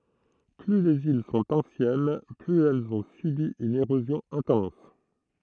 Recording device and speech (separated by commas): throat microphone, read sentence